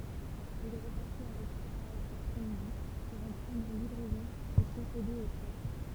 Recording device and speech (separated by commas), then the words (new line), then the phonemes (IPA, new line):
temple vibration pickup, read sentence
Il repassait avec sa charrette l’après-midi pour en prendre livraison et procéder au troc.
il ʁəpasɛ avɛk sa ʃaʁɛt lapʁɛ midi puʁ ɑ̃ pʁɑ̃dʁ livʁɛzɔ̃ e pʁosede o tʁɔk